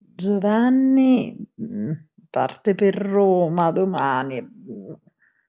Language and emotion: Italian, disgusted